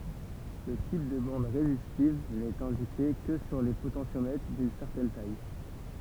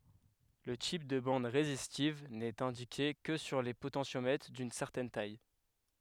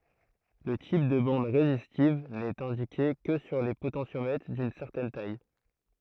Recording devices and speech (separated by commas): temple vibration pickup, headset microphone, throat microphone, read sentence